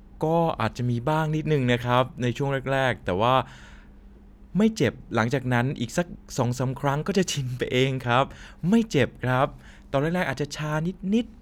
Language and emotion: Thai, neutral